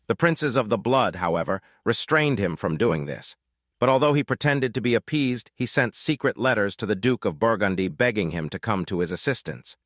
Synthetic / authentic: synthetic